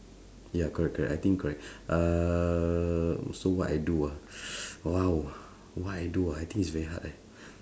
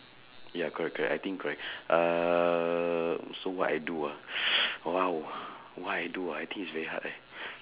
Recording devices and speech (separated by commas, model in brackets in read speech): standing microphone, telephone, conversation in separate rooms